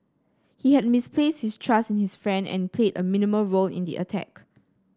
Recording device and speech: standing microphone (AKG C214), read sentence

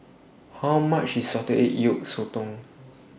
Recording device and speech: boundary microphone (BM630), read sentence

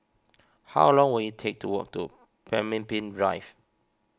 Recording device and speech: standing microphone (AKG C214), read sentence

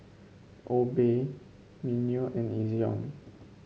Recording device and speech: mobile phone (Samsung C5), read sentence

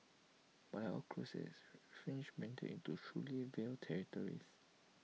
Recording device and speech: mobile phone (iPhone 6), read sentence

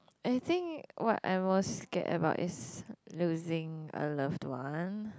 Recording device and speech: close-talking microphone, conversation in the same room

